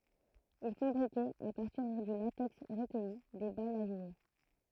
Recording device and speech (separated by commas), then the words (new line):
throat microphone, read sentence
Ils fabriquaient, à partir du latex recueilli, des balles à jouer.